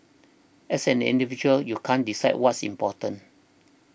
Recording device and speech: boundary microphone (BM630), read sentence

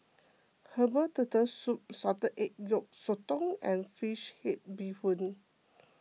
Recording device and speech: mobile phone (iPhone 6), read sentence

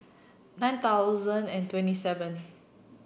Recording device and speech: boundary microphone (BM630), read sentence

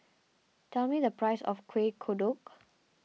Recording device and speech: mobile phone (iPhone 6), read sentence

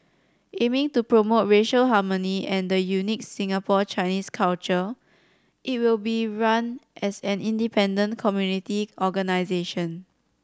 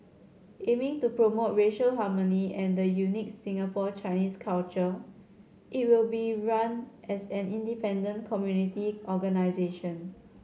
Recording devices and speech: standing microphone (AKG C214), mobile phone (Samsung C7100), read sentence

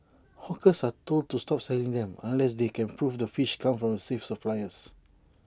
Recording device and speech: standing microphone (AKG C214), read sentence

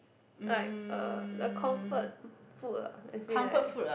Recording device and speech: boundary microphone, conversation in the same room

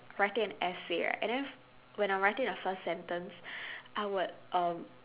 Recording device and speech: telephone, conversation in separate rooms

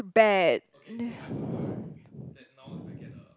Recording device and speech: close-talking microphone, conversation in the same room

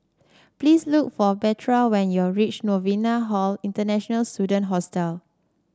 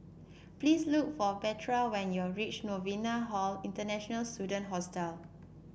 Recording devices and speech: standing microphone (AKG C214), boundary microphone (BM630), read sentence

